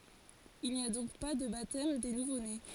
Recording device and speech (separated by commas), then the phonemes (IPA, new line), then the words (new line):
forehead accelerometer, read sentence
il ni a dɔ̃k pa də batɛm de nuvone
Il n'y a donc pas de baptême des nouveau-nés.